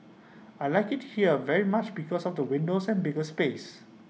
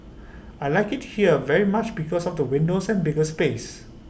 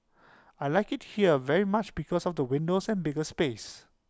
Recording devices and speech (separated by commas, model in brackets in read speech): mobile phone (iPhone 6), boundary microphone (BM630), close-talking microphone (WH20), read sentence